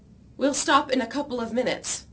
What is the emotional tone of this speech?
neutral